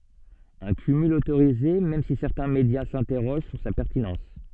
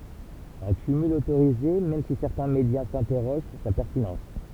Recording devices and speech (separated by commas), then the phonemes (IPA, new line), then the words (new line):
soft in-ear microphone, temple vibration pickup, read sentence
œ̃ kymyl otoʁize mɛm si sɛʁtɛ̃ medja sɛ̃tɛʁoʒ syʁ sa pɛʁtinɑ̃s
Un cumul autorisé même si certains médias s'interrogent sur sa pertinence.